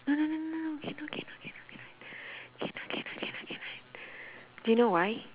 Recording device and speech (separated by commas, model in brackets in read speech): telephone, conversation in separate rooms